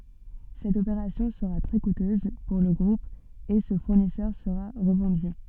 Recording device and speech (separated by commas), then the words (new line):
soft in-ear microphone, read sentence
Cette opération sera très coûteuse pour le groupe et ce fournisseur sera revendu.